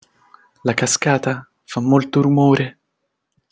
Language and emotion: Italian, fearful